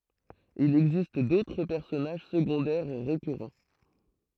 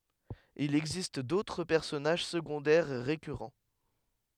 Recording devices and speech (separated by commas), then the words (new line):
throat microphone, headset microphone, read sentence
Il existe d'autres personnages secondaires récurrents.